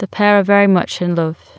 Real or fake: real